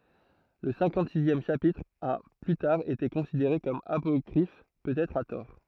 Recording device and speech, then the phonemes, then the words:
throat microphone, read sentence
lə sɛ̃kɑ̃tzizjɛm ʃapitʁ a ply taʁ ete kɔ̃sideʁe kɔm apɔkʁif pøtɛtʁ a tɔʁ
Le cinquante-sixième chapitre a plus tard été considéré comme apocryphe, peut-être à tort.

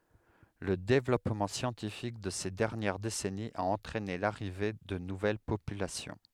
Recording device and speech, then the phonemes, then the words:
headset microphone, read sentence
lə devlɔpmɑ̃ sjɑ̃tifik də se dɛʁnjɛʁ desɛniz a ɑ̃tʁɛne laʁive də nuvɛl popylasjɔ̃
Le développement scientifique de ces dernières décennies a entraîné l’arrivée de nouvelles populations.

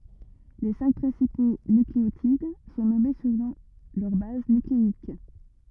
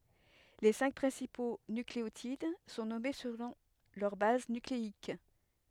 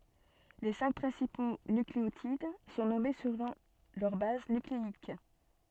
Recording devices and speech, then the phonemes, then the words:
rigid in-ear microphone, headset microphone, soft in-ear microphone, read sentence
le sɛ̃k pʁɛ̃sipo nykleotid sɔ̃ nɔme səlɔ̃ lœʁ baz nykleik
Les cinq principaux nucléotides sont nommés selon leur base nucléique.

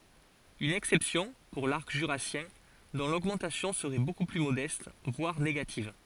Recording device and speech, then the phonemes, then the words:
forehead accelerometer, read sentence
yn ɛksɛpsjɔ̃ puʁ laʁk ʒyʁasjɛ̃ dɔ̃ loɡmɑ̃tasjɔ̃ səʁɛ boku ply modɛst vwaʁ neɡativ
Une exception pour l’arc jurassien, dont l'augmentation serait beaucoup plus modeste, voire négative.

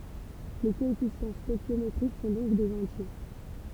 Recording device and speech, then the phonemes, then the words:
temple vibration pickup, read sentence
le koɛfisjɑ̃ stoɛʃjometʁik sɔ̃ dɔ̃k dez ɑ̃tje
Les coefficients stœchiométriques sont donc des entiers.

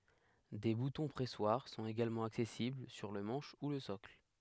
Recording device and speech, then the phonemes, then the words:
headset microphone, read sentence
de butɔ̃ pʁɛswaʁ sɔ̃t eɡalmɑ̃ aksɛsibl syʁ lə mɑ̃ʃ u lə sɔkl
Des boutons-pressoirs sont également accessibles sur le manche ou le socle.

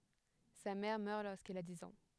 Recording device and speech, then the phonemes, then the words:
headset microphone, read sentence
sa mɛʁ mœʁ loʁskil a diz ɑ̃
Sa mère meurt lorsqu'il a dix ans.

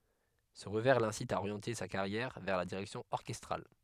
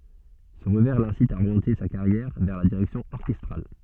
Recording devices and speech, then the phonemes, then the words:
headset microphone, soft in-ear microphone, read sentence
sə ʁəvɛʁ lɛ̃sit a oʁjɑ̃te sa kaʁjɛʁ vɛʁ la diʁɛksjɔ̃ ɔʁkɛstʁal
Ce revers l'incite à orienter sa carrière vers la direction orchestrale.

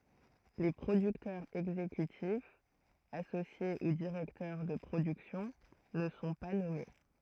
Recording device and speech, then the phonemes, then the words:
throat microphone, read sentence
le pʁodyktœʁz ɛɡzekytifz asosje u diʁɛktœʁ də pʁodyksjɔ̃ nə sɔ̃ pa nɔme
Les producteurs exécutifs, associés ou directeurs de production ne sont pas nommés.

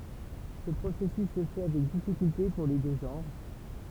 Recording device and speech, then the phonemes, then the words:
temple vibration pickup, read sentence
sə pʁosɛsys sə fɛ avɛk difikylte puʁ le dø ʒɑ̃ʁ
Ce processus se fait avec difficulté pour les deux genres.

